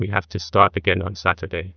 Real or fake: fake